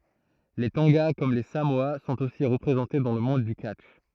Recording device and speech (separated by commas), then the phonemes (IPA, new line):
throat microphone, read sentence
le tɔ̃ɡa kɔm le samoa sɔ̃t osi ʁəpʁezɑ̃te dɑ̃ lə mɔ̃d dy katʃ